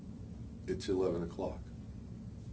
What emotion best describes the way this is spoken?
neutral